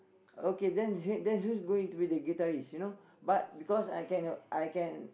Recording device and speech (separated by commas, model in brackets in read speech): boundary microphone, conversation in the same room